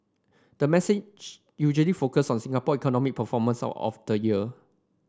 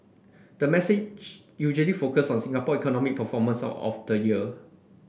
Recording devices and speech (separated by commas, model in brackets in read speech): standing microphone (AKG C214), boundary microphone (BM630), read sentence